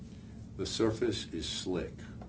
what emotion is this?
neutral